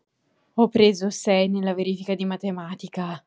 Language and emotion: Italian, surprised